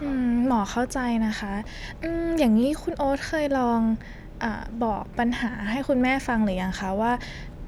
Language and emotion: Thai, neutral